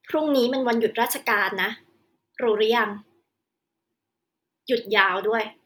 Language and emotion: Thai, frustrated